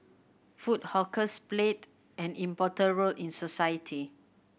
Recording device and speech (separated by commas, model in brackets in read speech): boundary microphone (BM630), read sentence